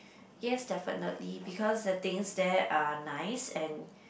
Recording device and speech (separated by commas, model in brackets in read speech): boundary microphone, conversation in the same room